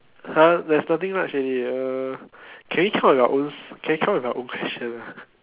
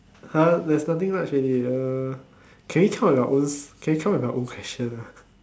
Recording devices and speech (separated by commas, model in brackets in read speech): telephone, standing microphone, conversation in separate rooms